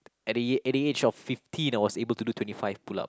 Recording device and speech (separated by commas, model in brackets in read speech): close-talking microphone, conversation in the same room